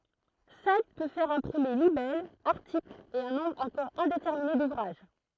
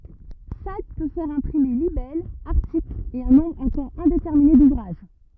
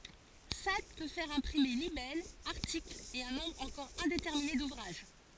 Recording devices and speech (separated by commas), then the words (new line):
throat microphone, rigid in-ear microphone, forehead accelerometer, read sentence
Sade peut faire imprimer libelles, articles, et un nombre encore indéterminé d'ouvrages.